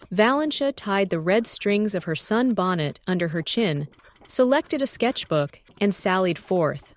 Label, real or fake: fake